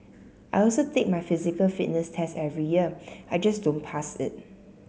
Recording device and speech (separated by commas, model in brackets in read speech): mobile phone (Samsung C7), read sentence